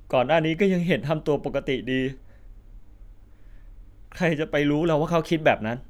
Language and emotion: Thai, sad